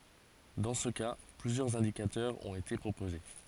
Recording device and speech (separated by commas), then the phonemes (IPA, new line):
forehead accelerometer, read sentence
dɑ̃ sə ka plyzjœʁz ɛ̃dikatœʁz ɔ̃t ete pʁopoze